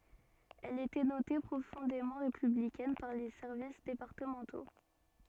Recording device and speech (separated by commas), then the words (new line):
soft in-ear microphone, read sentence
Elle était notée profondément républicaine par les services départementaux.